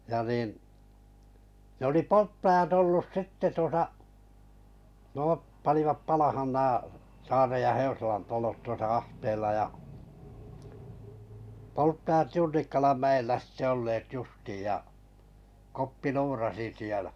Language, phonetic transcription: Finnish, ja nìn , ne ‿oli "polttaʲat ‿ollus "sitte 'tuosa , 'nᵘòp , panivap 'palahan nää , 'Saarej ja 'Heusalan to̳lot 'tuosa "ahteella ja , 'polttajat "Junnikkalan 'mä₍ellä sⁱtte 'olleet 'justiij ja , 'Koppi "luurasi sielᴀ̈ .
- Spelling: ja niin ne oli polttajat ollut sitten tuossa nuo panivat palamaan nämä Saaren ja Heusalan talot tuossa ahteella ja polttajat Junnikkalan mäellä sitten olleet justiin ja Koppi luurasi siellä

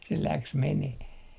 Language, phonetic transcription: Finnish, se 'läks meneh .
- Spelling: se lähti menemään

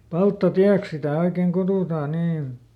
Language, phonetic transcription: Finnish, "Palttaˈtiäks sitä̀ ˈoikeŋ ˈkutùtaa ˈniin̬ .
- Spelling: Palttatieksi sitä oikein kutsutaan niin

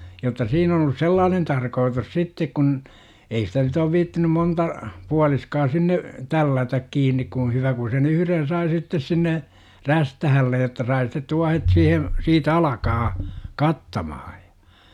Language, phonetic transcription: Finnish, jotta 'siin ‿on ‿olus "sellaanen 'tarkootus "sittek kun , 'ei sitä nyt ‿oov 'viittinym 'monta , pualiskaa 'sinne , "tällätäk 'kiin̆nik kun̬ 'hyvä ku sen "yhyren 'sai sittes sinne , "rästähällej jotta sai sitet 'tuahet siihe , sii"t ‿alakaa , "kattamaha JA .
- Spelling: jotta siinä on ollut sellainen tarkoitus sitten kun ei sitä nyt ole viitsinyt monta puoliskoa sinne tällätä kiinni kun hyvä kun sen yhden sai sitten sinne räystäälle jotta sai sitten tuohet siihen siitä alkamaan kattamaan ja

